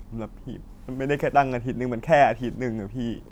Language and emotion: Thai, frustrated